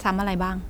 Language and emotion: Thai, neutral